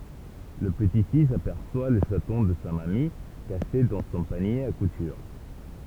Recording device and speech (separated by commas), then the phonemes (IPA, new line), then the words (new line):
temple vibration pickup, read sentence
lə pəti fis apɛʁswa lə ʃatɔ̃ də sa mami kaʃe dɑ̃ sɔ̃ panje a kutyʁ
Le petit-fils aperçoit le chaton de sa mamie, caché dans son panier à couture.